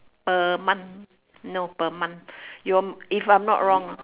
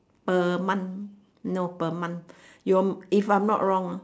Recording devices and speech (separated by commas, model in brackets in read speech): telephone, standing microphone, conversation in separate rooms